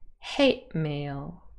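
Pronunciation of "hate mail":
In 'hate mail', the t changes to a glottal stop, a little stop between the two words.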